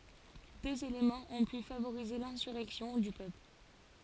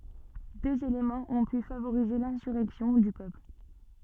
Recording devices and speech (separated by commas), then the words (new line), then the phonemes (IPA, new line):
forehead accelerometer, soft in-ear microphone, read sentence
Deux éléments ont pu favoriser l'insurrection du peuple.
døz elemɑ̃z ɔ̃ py favoʁize lɛ̃syʁɛksjɔ̃ dy pøpl